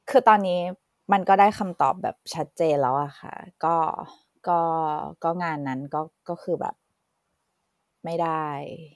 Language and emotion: Thai, sad